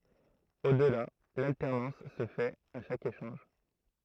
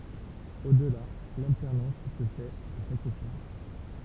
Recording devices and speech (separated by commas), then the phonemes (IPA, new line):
throat microphone, temple vibration pickup, read sentence
o dəla laltɛʁnɑ̃s sə fɛt a ʃak eʃɑ̃ʒ